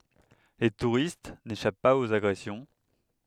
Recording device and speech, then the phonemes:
headset microphone, read sentence
le tuʁist neʃap paz oz aɡʁɛsjɔ̃

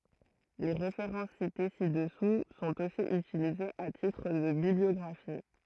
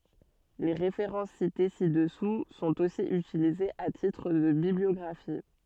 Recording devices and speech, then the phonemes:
throat microphone, soft in-ear microphone, read sentence
le ʁefeʁɑ̃s site si dəsu sɔ̃t osi ytilizez a titʁ də bibliɔɡʁafi

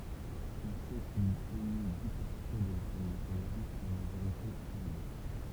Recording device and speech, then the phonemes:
temple vibration pickup, read sentence
ɔ̃ sɛ kil pɛɲi di pɔʁtʁɛ də la famij ʁwajal ɑ̃ maʒoʁite pɛʁdy

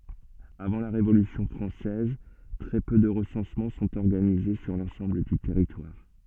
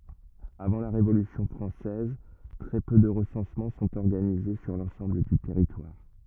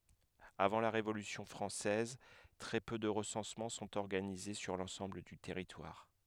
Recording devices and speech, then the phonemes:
soft in-ear microphone, rigid in-ear microphone, headset microphone, read sentence
avɑ̃ la ʁevolysjɔ̃ fʁɑ̃sɛz tʁɛ pø də ʁəsɑ̃smɑ̃ sɔ̃t ɔʁɡanize syʁ lɑ̃sɑ̃bl dy tɛʁitwaʁ

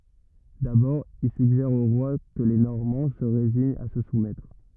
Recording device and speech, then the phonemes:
rigid in-ear microphone, read sentence
dabɔʁ il syɡʒɛʁ o ʁwa kə le nɔʁmɑ̃ sə ʁeziɲt a sə sumɛtʁ

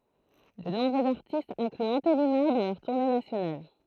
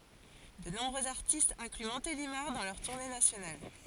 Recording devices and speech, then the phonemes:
throat microphone, forehead accelerometer, read sentence
də nɔ̃bʁøz aʁtistz ɛ̃kly mɔ̃telimaʁ dɑ̃ lœʁ tuʁne nasjonal

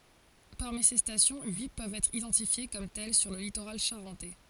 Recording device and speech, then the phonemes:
forehead accelerometer, read sentence
paʁmi se stasjɔ̃ yi pøvt ɛtʁ idɑ̃tifje kɔm tɛl syʁ lə litoʁal ʃaʁɑ̃tɛ

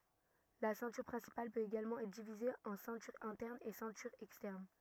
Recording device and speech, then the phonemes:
rigid in-ear microphone, read sentence
la sɛ̃tyʁ pʁɛ̃sipal pøt eɡalmɑ̃ ɛtʁ divize ɑ̃ sɛ̃tyʁ ɛ̃tɛʁn e sɛ̃tyʁ ɛkstɛʁn

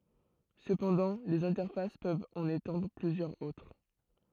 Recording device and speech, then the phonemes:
throat microphone, read sentence
səpɑ̃dɑ̃ lez ɛ̃tɛʁfas pøvt ɑ̃n etɑ̃dʁ plyzjœʁz otʁ

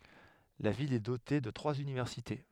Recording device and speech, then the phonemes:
headset microphone, read sentence
la vil ɛ dote də tʁwaz ynivɛʁsite

